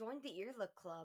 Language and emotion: English, disgusted